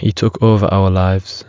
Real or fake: real